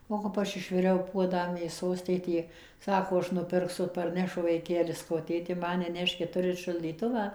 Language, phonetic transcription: Lithuanian, o kap ˈaš ˈišviriau ˈpuodą mėˈsos ˈtėtė ˈsako ˈaš nuˈpirksu parˈnešu vaiˈkeli saˈkau ˈtėti ˈman neˈneškit ˈturit šaldyˈtuvą

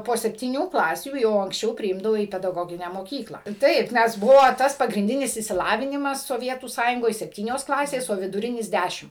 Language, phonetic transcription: Lithuanian, po septyˈnių ˈklasių jau anksˈčiau priˈimdavo į pedaˈgoginę moˈkyklą ˈtaip ˈnes ˈbuvo ˈtas pagrinˈdinis išsiˈlavinimas soˈvietų ˈsąjungoj sepˈtynios ˈklasės o viduˈrinis ˈdæšim

